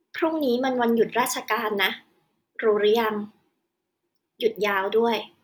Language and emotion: Thai, frustrated